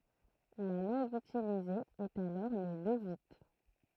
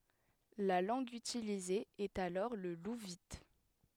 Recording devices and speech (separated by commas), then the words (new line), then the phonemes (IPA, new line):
throat microphone, headset microphone, read sentence
La langue utilisée est alors le louvite.
la lɑ̃ɡ ytilize ɛt alɔʁ lə luvit